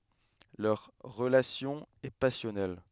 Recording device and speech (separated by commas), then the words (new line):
headset microphone, read sentence
Leur relation est passionnelle.